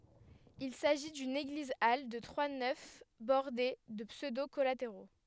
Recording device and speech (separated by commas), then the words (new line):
headset microphone, read sentence
Il s'agit d'une église-halle de trois nefs bordées de pseudo collatéraux.